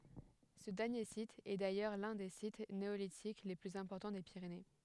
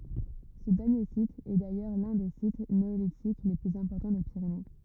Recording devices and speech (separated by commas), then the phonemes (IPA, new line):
headset microphone, rigid in-ear microphone, read sentence
sə dɛʁnje sit ɛ dajœʁ lœ̃ de sit neolitik le plyz ɛ̃pɔʁtɑ̃ de piʁene